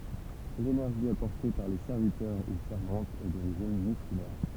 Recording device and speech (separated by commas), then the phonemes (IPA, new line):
temple vibration pickup, read sentence
lenɛʁʒi apɔʁte paʁ le sɛʁvitœʁ u sɛʁvɑ̃tz ɛ doʁiʒin myskylɛʁ